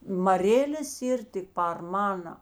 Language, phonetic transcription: Lithuanian, maˈrėlės ˈyr tik par ˈmana

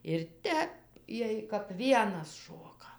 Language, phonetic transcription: Lithuanian, ir ˈtep ˈjiej kap ˈvienas ˈšoka

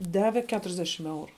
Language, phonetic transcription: Lithuanian, ˈdave ˈketuriasˌdešim ˈeuru

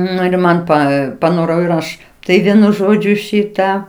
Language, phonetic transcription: Lithuanian, ˈnu ir ˈman ˈpa paˈnorau ir ˈaš ˈtai ˈvienu ˈžodžiu ˈšitą

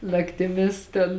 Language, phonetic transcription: Lithuanian, naktiˈmis ten

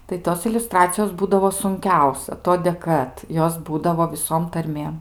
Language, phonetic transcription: Lithuanian, tai ˈtos iliuˈstracijos ˈbūdavo sunˈkiausia ˈtodė ˈkad ˈjos ˈbūdavo viˈsom tarˈmėm

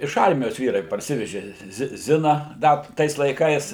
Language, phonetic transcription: Lithuanian, iš ˈarmijos ˈvyrai parˈsiveži ˈzi ˈzina ˈda ˈtais laiˈkais

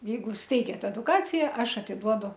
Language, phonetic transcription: Lithuanian, ˈjeigu ˈsteigiat eduˈkacija ˈaš atiˈduodu

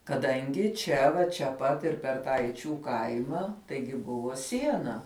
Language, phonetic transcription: Lithuanian, kaˈdangi ˈčia va čia ˈpat ir per ˈtą eiˈčių ˈkaima ˈtaigi ˈbuvo ˈsiena

